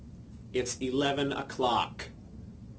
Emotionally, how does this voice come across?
angry